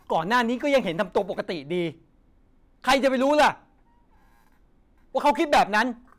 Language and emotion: Thai, angry